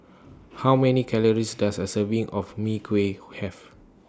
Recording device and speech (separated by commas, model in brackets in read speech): standing microphone (AKG C214), read sentence